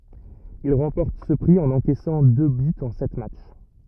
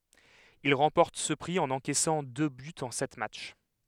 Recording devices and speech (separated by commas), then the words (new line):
rigid in-ear microphone, headset microphone, read sentence
Il remporte ce prix en encaissant deux buts en sept matchs.